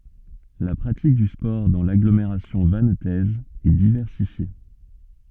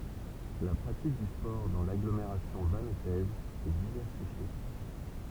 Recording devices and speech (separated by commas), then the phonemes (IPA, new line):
soft in-ear microphone, temple vibration pickup, read sentence
la pʁatik dy spɔʁ dɑ̃ laɡlomeʁasjɔ̃ vantɛz ɛ divɛʁsifje